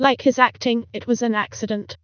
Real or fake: fake